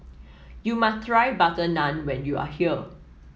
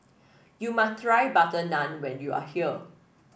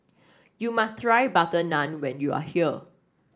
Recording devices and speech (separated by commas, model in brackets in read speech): mobile phone (iPhone 7), boundary microphone (BM630), standing microphone (AKG C214), read sentence